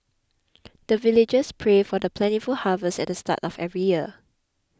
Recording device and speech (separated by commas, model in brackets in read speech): close-talking microphone (WH20), read sentence